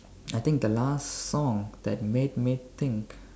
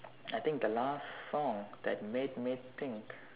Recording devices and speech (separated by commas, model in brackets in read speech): standing microphone, telephone, conversation in separate rooms